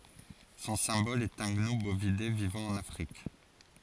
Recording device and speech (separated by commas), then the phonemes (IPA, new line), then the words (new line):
forehead accelerometer, read sentence
sɔ̃ sɛ̃bɔl ɛt œ̃ ɡnu bovide vivɑ̃ ɑ̃n afʁik
Son symbole est un gnou, bovidé vivant en Afrique.